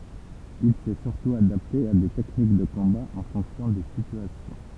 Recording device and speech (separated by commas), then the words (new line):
temple vibration pickup, read sentence
Il s'est surtout adapté à des techniques de combat en fonction des situations.